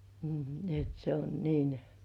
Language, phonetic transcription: Finnish, m̥§h ni ‿et se on niin ,.
- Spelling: mm niin että se on niin

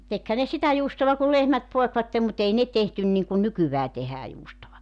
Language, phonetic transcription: Finnish, 'tekhä ne 'sitä juustova ku 'lehmät 'poekvattem mu't ‿ei ne tehtyn niŋkun 'nykyvää 'tehää juustova .
- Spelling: tekihän ne sitä juustoa kun lehmät poikivat mutta ei ne tehty niin kuin nykyään tehdään juustoa

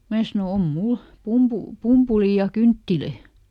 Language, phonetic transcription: Finnish, ˈmää sano » ˈom ˈmul , ˈpumpu- , "pumpulì ja "kynttilö̀ » .
- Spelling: minä sanoin on minulla - pumpulia ja kynttilöitä

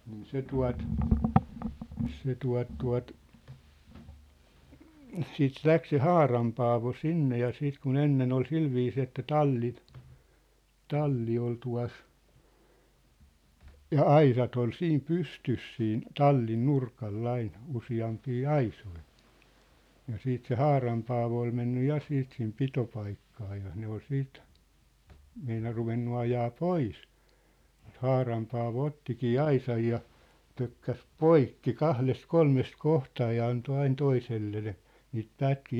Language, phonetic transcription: Finnish, nii 'se 'tua̭t , se 'tua̭t 'tua̭t , 'siit "läk se "Haaram Paavo "sinne ja 'siit ku'n ‿ennen ‿ol 'silviisii että 'talli , 'talli ol tua̭s , 'ja "aisat ‿ol 'siim 'pystys siin , 'tallin 'nurkal'l ‿ain , 'usi₍ampii "aisoi , ja 'siit se "Haaram Paavo oi menny 'ja siit sim 'pitopaikkaa ja 'ne ‿ol 'siit , 'meinar ruvennu ajaa "pois , ᵐŭt 'Haaram Paavo 'ottikii 'aisaj ja , 'pökkäs "poikki "kahles "kolmest "kohtaa ja anto ain 'toisellel̳e̳ , niit 'pätkii .
- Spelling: niin se tuota se tuota tuota sitten lähti se Haaran Paavo sinne ja sitten kun ennen oli sillä viisiin että talli talli oli tuossa ja aisat oli siinä pystyssä siinä tallin nurkalla aina useampia aisoja ja siitä se Haaran Paavo oli mennyt ja sitten sinne pitopaikkaan ja ne oli sitten meinannut ruvennut ajaa pois mutta Haaran Paavo ottikin aisan ja pökkäsi poikki kahdesta kolmesta kohtaa ja antoi aina toiselle niitä pätkiä

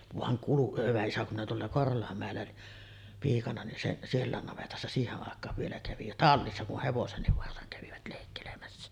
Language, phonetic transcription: Finnish, vaŋ 'kulu- hyvä isä kum minä 'tuolla "Korholammä̀ellä 'piikana nin seˀ , 'siellä̀en navetassa 'siiheˀ ˀàek̀aav vielä kävi ja "tallissa ku 'hevosenniv varsaŋ kävivät lèikkelemässä .
- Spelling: vaan - hyvä isä kun minä tuolla Korholanmäellä piikana niin se sielläkin navetassa siihen aikaan vielä kävi ja tallissa kun hevosenkin varsan kävivät leikkelemässä

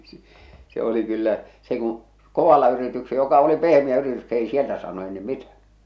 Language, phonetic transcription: Finnish, s- se oli kyllä , se kuṵ , "kovalla yritykse- joka oli "pehmi₍ä yritys 'ei sieltä saanu ei 'nim "mitä .
- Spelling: - se oli kyllä se kun kovalla - joka oli pehmeä yritys ei sieltä saanut ei niin mitä

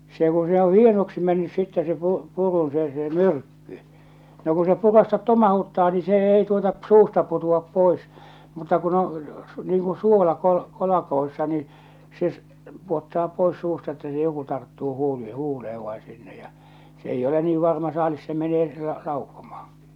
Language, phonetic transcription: Finnish, se ku se oo̰ "hienoksi mennys sittɛ se 'pu- , 'purun se se "myrkky , no ku se 'purastat 'tomahuttaa nii se ei tuota p- 'suusta 'putu₍ap 'pois , mutta kun ‿o , niiŋ kuṵ 'suola , kol- , -- niin , se , 'puottaa 'pois suusta että se joku tarttuu 'huuli- 'huule₍ev vai sinnej ᴊᴀ , 's ‿eijj ‿ole nii 'varma 'saalis se menee la- 'laukkomahᴀИkɪ .
- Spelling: se kun se on hienoksi mennyt sitten se - purun se se myrkky no kun se puraista tomauttaa niin se ei tuota - suusta putoa pois mutta kun on niin kuin suola - niin se pudottaa pois suusta että se joku tarttuu - huuleen vai sinne ja se ei ole niin varma saalis se menee - laukkomaankin

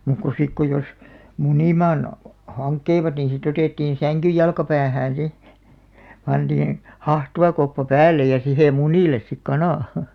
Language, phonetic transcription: Finnish, 'mùk ko 'sik ko jos , "munìmaan , 'haŋkkeivat niiḭ si't ‿otèttiin̬ "säŋkyj 'jalka'päähään̬ "si , 'pantiiḭ , 'hahtuvakoppa "päällej ja 'sihe "munìles sik 'kanà .
- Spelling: muuta kuin sitten kun jos munimaan hankkivat niin sitä otettiin sängyn jalkapäähään sitten pantiin hahtuvakoppa päälle ja siihen munille sitten kana

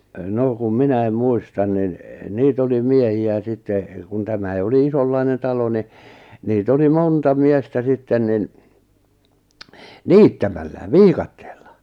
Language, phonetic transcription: Finnish, nò kum 'minäim 'muistan nin , 'niit ‿oli 'miehi₍ä 'sitte , kun 'tämäi oli "isollainen 'talo ni , nii't ‿oli "monta 'miestä 'sitten nin , "niittämällä , "viikattᴇᴇʟʟᴀ .
- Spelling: no kun minä muistan niin niitä oli miehiä sitten kun tämä oli isonlainen talo niin niitä oli monta miestä sitten niin niittämällä viikatteella

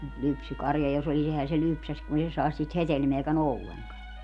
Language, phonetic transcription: Finnish, mut 'lypsykarja jo's ‿olis 'ehä se "lypsäs kun ‿ei se 'saes siit "hetelmeäkä"n ‿olleŋkan .
- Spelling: mutta lypsykarja jos olisi eihän se lypsäisi kun ei se saisi siitä hedelmääkään ollenkaan

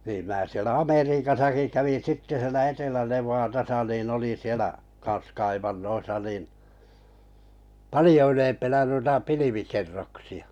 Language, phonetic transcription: Finnish, niim 'mää sielä 'Ameriikasaki kävin̬ 'sitte sielä 'Etelä-Nev̀aatasa nin 'olin̬ sielä , kans 'kaivannoisa nin , "palijo 'ylempänä nuita 'pilivikerroksi₍ᴀ .
- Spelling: niin minä siellä Amerikassakin kävin sitten siellä Etelä-Nevadassa niin olin siellä kanssa kaivannoissa niin paljon ylempänä noita pilvikerroksia

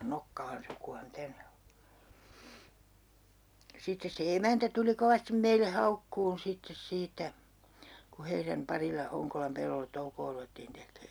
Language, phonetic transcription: Finnish, - - - 'sittes se 'emäntä tuli 'kovastim 'meille "haukkuun sittes 'siitä , ku 'heiräm "parila 'Hoŋkolam 'pellollet 'toukoo ruvettiin 'tek̆kee .
- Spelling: sitten se emäntä tuli kovasti meille haukkumaan sitten siitä kun heidän parilla Honkolan pellolle toukoa ruvettiin tekemään

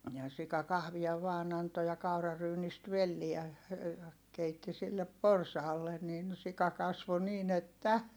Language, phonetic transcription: Finnish, ja sika kahvia vaan ‿anto ja kauraryynist velliä , ja , keitti sillep porsaalle nin sika kasvo niin ‿että .
- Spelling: ja sika kahvia vain antoi ja kauraryynistä velliä ja keitti sille porsaalle niin sika kasvoi niin että

